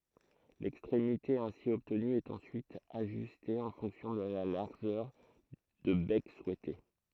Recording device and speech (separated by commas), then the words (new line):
throat microphone, read sentence
L'extrémité ainsi obtenue est ensuite ajustée en fonction de la largeur de bec souhaitée.